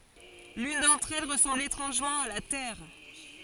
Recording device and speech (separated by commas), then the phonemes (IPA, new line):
forehead accelerometer, read sentence
lyn dɑ̃tʁ ɛl ʁəsɑ̃bl etʁɑ̃ʒmɑ̃ a la tɛʁ